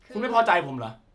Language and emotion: Thai, angry